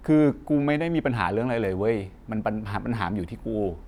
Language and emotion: Thai, frustrated